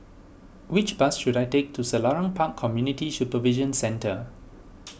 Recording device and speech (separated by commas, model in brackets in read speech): boundary microphone (BM630), read sentence